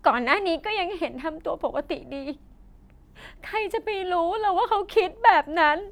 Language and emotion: Thai, sad